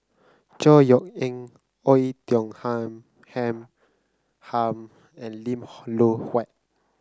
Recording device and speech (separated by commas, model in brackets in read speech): close-talking microphone (WH30), read sentence